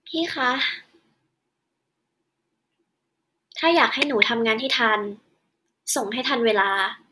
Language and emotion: Thai, frustrated